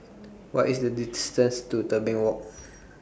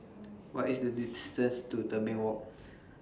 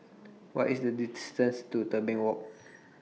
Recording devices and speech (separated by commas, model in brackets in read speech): boundary microphone (BM630), standing microphone (AKG C214), mobile phone (iPhone 6), read sentence